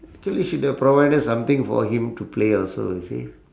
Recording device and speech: standing microphone, conversation in separate rooms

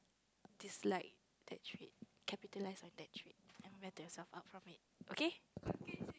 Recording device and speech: close-talking microphone, conversation in the same room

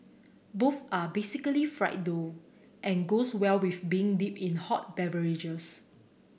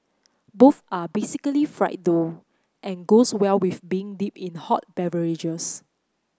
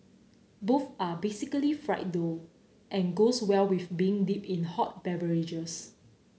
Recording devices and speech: boundary microphone (BM630), close-talking microphone (WH30), mobile phone (Samsung C9), read sentence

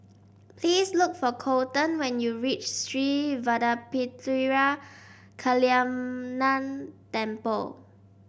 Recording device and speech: boundary microphone (BM630), read sentence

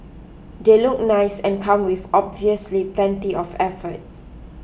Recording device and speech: boundary microphone (BM630), read sentence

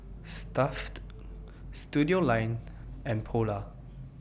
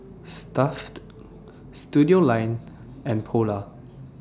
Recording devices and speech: boundary microphone (BM630), standing microphone (AKG C214), read sentence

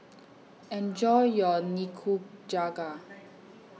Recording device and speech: mobile phone (iPhone 6), read sentence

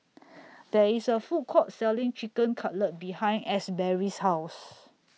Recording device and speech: mobile phone (iPhone 6), read sentence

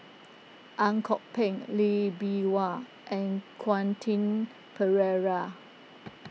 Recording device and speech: mobile phone (iPhone 6), read sentence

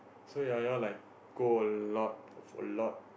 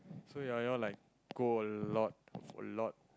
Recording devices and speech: boundary microphone, close-talking microphone, conversation in the same room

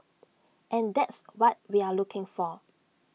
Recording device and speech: mobile phone (iPhone 6), read sentence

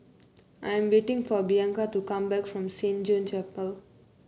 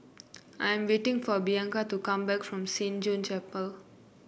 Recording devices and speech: mobile phone (Samsung C9), boundary microphone (BM630), read sentence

